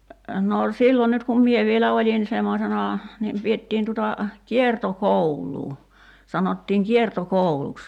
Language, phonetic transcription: Finnish, no , 'sillo nyt kum "mie vielä "oĺin 'semmosena , niim 'piettiin tuta , "kierto'koul̀uu , 'sanottiiŋ 'kierto'kouluks .
- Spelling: no silloin nyt kun minä vielä olin semmoisena niin pidettiin tuota kiertokoulua sanottiin kiertokouluksi

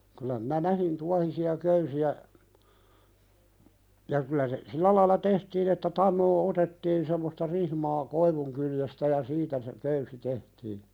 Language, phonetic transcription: Finnish, kyl̆lä minä "nähin 'tuahisi₍a 'köysi₍ä , ja kylä se , "sillä laila 'tehtiin ‿että "tannoo 'otettiin semmosta 'rihmaa , koivuŋkyljestä ja 'siitä se , köysi tehtiiɴ .
- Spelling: kyllä minä näihin tuohisia köysiä ja kyllä se sillä lailla tehtiin että tanoa otettiin semmoista rihmaa koivunkyljestä ja siitä se köysi tehtiin

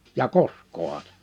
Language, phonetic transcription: Finnish, ja "kosk̆kooha (se) .
- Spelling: ja koskeehan se

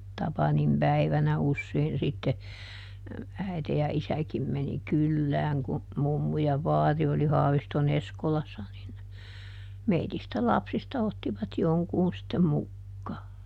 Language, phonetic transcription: Finnish, ˈTapanim päivänä ˈussein sitte , ˈäite ja "isäkim meni "kyllääŋ ku , ˈmummu ja ˈvaari oli ˈHaavisto"n ‿Eskolassa nin , ˈmeitistä "lapsista ˈottivat ˈjoŋkuun sittem ˈmukkaa .
- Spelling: Tapanin päivänä usein sitten äiti ja isäkin meni kylään kun mummu ja vaari oli Haaviston Eskolassa niin meistä lapsista ottivat jonkun sitten mukaan

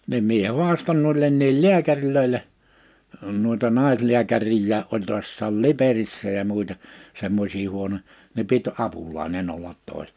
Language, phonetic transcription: Finnish, nim 'mie 'huaston muillenniil "liäkäŕl̀öile , nuita 'nàisliäkärijjää 'oĺ 'tu̬assaal "Liperissä ja muita , 'semmosii huono(ja) , ni 'pit 'apulaine'n ‿ollat 'tòis(ena) .
- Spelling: niin minä haastoin muillekin lääkäreille noita naislääkäreitäkin oli tuossa Liperissä ja muita semmoisia huonoja niin piti apulainen olla toisena

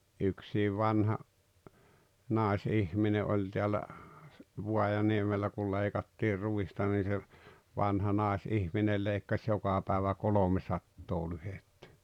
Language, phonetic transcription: Finnish, 'yksiiv 'vanha , "nes'₍ihmine 'oĺ teälä , 'vuajaniemellä kul 'leikattir 'ruista ni se , 'vanha "nàes₍ihminel 'lèikkaś 'joka pä̀evä "kolomesattoo 'lyhettᴀ̈ .
- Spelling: yksi vanha naisihminen oli täällä Vaajaniemellä kun leikattiin ruista niin se vanha naisihminen leikkasi joka päivä kolmesataa lyhdettä

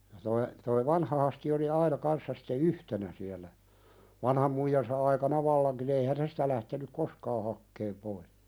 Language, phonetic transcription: Finnish, ja toi , toi "vanha Hasti oli 'aina kanssa sɪtte "yhtenä siäl̆lä , 'vanham muijansa aikana "vallaŋkin ‿eihän 'se sitä lähtenyk "koskaa hakkeem poi(s) .
- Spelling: ja tuo tuo vanha Hasti oli aina kanssa sitten yhtenä siellä vanhan muijansa aikana vallankin eihän se sitä lähtenyt koskaan hakemaan pois

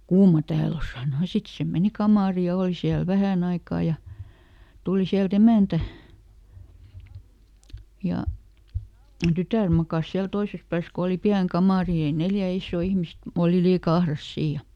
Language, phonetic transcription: Finnish, » "kuuma ˈtääl ‿o » ˈsàno ja "sit se ˈmeni ˈkamàri ja ˈòl siäl ˈvähän ‿aikà ja , ˈtuli siäl"t ‿emä̀ntä , ja , ˈtytä̀r makas ˈsiäl ˈtoises pääs ko oli "piäŋ "kamàri ni ei ˈneljä ˈissoo ˈihmist , ˈòli ˈliika "ahras ˈsii ja ,.
- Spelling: kuuma täällä on sanoi ja sitten se meni kamariin ja oli siellä vähän aikaa ja tuli sieltä emäntä ja tytär makasi siellä toisessa päässä kun oli pieni kamari niin ei neljä isoa ihmistä oli liika ahdas siinä ja

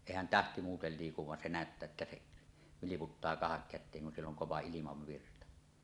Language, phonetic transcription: Finnish, èihän "tähti 'muutel liikuv van 'se "nä̀öttää että seˀ , 'vilik̳uttaa 'kahakkät̆teeŋ kun 'siell ‿oŋ "kova 'ilimavvirta .
- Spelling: eihän tähti muuten liiku vaan se näyttää että se vilkuttaa kahdakäteen kun siellä on kova ilmavirta

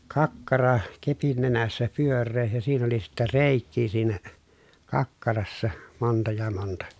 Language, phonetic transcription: Finnish, kakkara , kepin nenässä pyör̆ree ja siin ‿oli sittä rèikkii siinä , kakkarassa , monta ja monta .
- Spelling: kakkara kepin nenässä pyöreä ja siinä oli sitten reikiä siinä kakkarassa monta ja monta

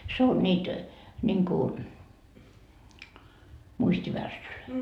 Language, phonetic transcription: Finnish, 'se on 'ńiit , ńiŋku , 'muist́ivärssylöi .
- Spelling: se on niitä niin kuin muistivärssyjä

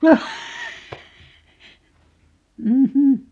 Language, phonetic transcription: Finnish, 'm̥"hm̥ .
- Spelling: mm

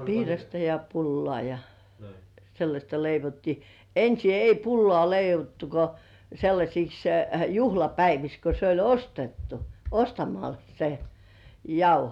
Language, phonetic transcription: Finnish, piirasta ja 'pullŏà ja , sellaśta 'leivottii , 'ensi ei "pullŏà leivottu ko , sellaśiks , "juhlapäiviks ko 'se oĺ "ostettu , 'ostamal , se , "jauho .
- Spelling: piirasta ja pullaa ja sellaista leivottiin ensin ei pullaa leivottu kuin sellaisiksi juhlapäiviksi kun se oli ostettu ostamalla se jauho

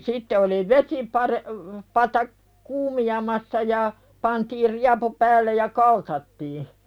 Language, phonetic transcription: Finnish, 'sitte oli "vesipaðe- , -pata , "kuumi₍amassa ja , pantiir 'riapu päällej ja "kaltattii .
- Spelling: sitten oli - vesipata kuumenemassa ja pantiin riepu päälle ja kaltattiin

